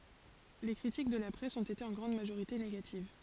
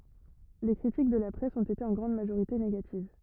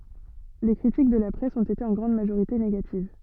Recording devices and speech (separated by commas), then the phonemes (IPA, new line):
forehead accelerometer, rigid in-ear microphone, soft in-ear microphone, read sentence
le kʁitik də la pʁɛs ɔ̃t ete ɑ̃ ɡʁɑ̃d maʒoʁite neɡativ